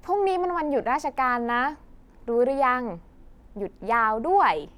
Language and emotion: Thai, happy